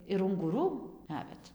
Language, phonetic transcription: Lithuanian, ir unguˈrų ˈnavet

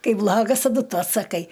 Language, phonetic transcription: Lithuanian, ˈkai ˈblagas taˈdu ˈtu atsaˈkai

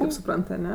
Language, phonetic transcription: Lithuanian, kaip suˈprant aˈne

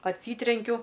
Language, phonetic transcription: Lithuanian, atˈsytrenkiu

